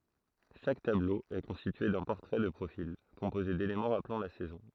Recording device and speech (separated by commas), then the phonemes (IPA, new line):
throat microphone, read sentence
ʃak tablo ɛ kɔ̃stitye dœ̃ pɔʁtʁɛ də pʁofil kɔ̃poze delemɑ̃ ʁaplɑ̃ la sɛzɔ̃